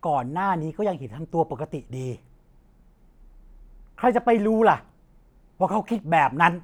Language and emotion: Thai, frustrated